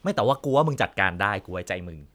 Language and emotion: Thai, neutral